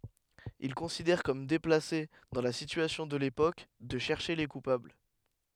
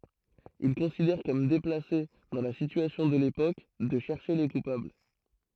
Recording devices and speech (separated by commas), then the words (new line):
headset microphone, throat microphone, read sentence
Il considère comme déplacé, dans la situation de l’époque, de chercher les coupables.